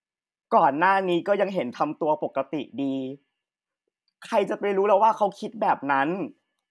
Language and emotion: Thai, neutral